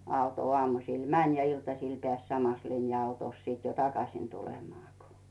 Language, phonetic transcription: Finnish, 'auto ᵒàmusìl "mäń ja 'iltasìl peä̀s 'samas linja₍autòs sit jo "takasìn tulemaa ko .
- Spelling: auto aamusilla meni ja iltasilla pääsi samassa linja-autossa sitten jo takaisin tulemaan kun

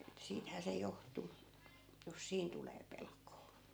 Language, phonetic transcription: Finnish, että 'siithää se 'joht̀u , jos "siin tulee 'pelk̆koo .
- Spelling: että siitähän se johtui jos siinä tulee pelkoa

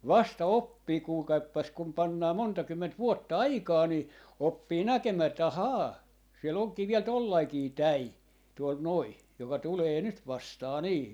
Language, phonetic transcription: Finnish, 'vasta "oppii 'kuulkaippas kum 'pannaa 'monta 'kymment 'vuotta "aikaa ni , 'oppii "näkemää että 'a"haa , 'sie'l ‿oŋkii viɛl 'tollaikii "täì , tuol 'noi , 'joka 'tulee "nyt 'vastaa 'nii .
- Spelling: vasta oppii kuulkaapas kun pannaan monta kymmentä vuotta aikaa niin oppii näkemään että ahaa siellä onkin vielä tuollainenkin tai tuolla noin joka tulee nyt vastaan niin

